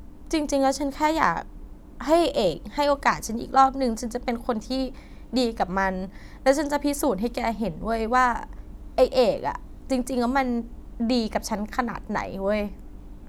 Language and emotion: Thai, frustrated